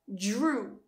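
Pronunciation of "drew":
In 'drew', the d and r combine, so the start sounds more like a j sound than a d.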